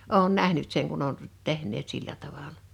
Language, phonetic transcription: Finnish, 'òun 'nähnyt seŋ kun ‿on , 'tehǹeet 'sillä 'tavala .
- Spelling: olen nähnyt sen kun on tehneet sillä tavalla

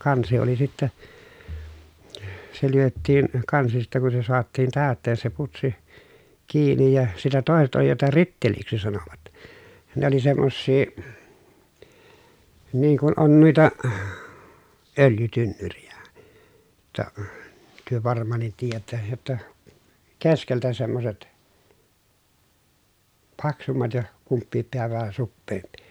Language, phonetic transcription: Finnish, kansi oli sittä , se lyöttiin , kansi sittɛ kun se soattiin tä̀ötteen se putsi , kiinij ja , sitɛ tòeset oli jota ritteliksi sanovat , ne ‿oli semmossii , niiŋ kun on nuita , öljytynnyrijä , [jot]ta , työ varm̀aan̆nit tiijättä , jotta , ke skeltä semmoset , paksummat ja , kumppiip peä vähä suppeempI .
- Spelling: kansi oli sitten se lyötiin kansi sitten kun se saatiin täyteen se putsi kiinni ja sitten toiset oli jota ritteliksi sanoivat ne oli semmoisia niin kuin on noita öljytynnyreitä jotta te varmaankin tiedätte jotta - keskeltä semmoiset paksummat ja kumpikin pää vähän suppeampi

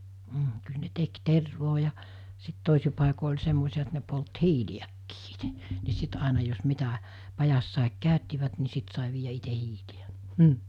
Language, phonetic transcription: Finnish, m̥ , kyl ne 'tek 'tervoo ja , sit 'tòisi pàiko oĺ 'semmosi₍a et ne polt "hiili₍äkkii ɪtᴇ , ni 'sit àena jos 'mitä , 'pajassàik 'kä̀öttivät ni 'sit sàe viijä 'ite 'hiili₍ä .
- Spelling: mm kyllä ne teki tervaa ja sitten toisin paikoin oli semmoisia että ne poltti hiiliäkin itse niin sitten aina jos mitä pajassakin käyttivät niin sitten sai viedä itse hiiliä

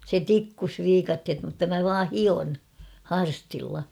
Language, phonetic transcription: Finnish, se "tikkus 'viikathet mutta mä 'vaa "hion , "harstilla .
- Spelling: se tikkusi viikatteet mutta minä vain hion harstilla

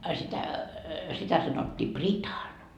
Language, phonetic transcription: Finnish, a sitä , 'sitä sanottii "pritan .
- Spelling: a sitä sitä sanottiin pritan

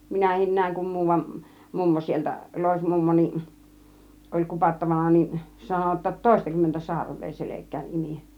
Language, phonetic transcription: Finnish, 'minähin 'nä̀iŋ kum 'muuvan , "mummo 'sieltä , "lòismummo nin , oĺ 'kupattavana nin , 'sano otta "tòistakymmentä 'sarv̆vee "selek̆kään "imì .
- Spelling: minäkin näin kun muuan mummo sieltä loismummo niin oli kupattavana niin sanoi jotta toistakymmentä sarvea selkään imi

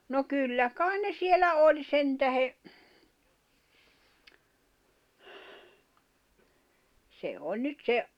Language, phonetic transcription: Finnish, no 'kyllä "kàin ne 'sielä "oĺ 'sentähe , se 'oĺ nyt "se’ ,.
- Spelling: no kyllä kai ne siellä oli sen tähden se oli nyt se

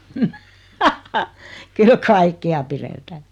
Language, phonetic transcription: Finnish, 'kyl "kaikkea 'piretää .
- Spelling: kyllä kaikkea pidetään

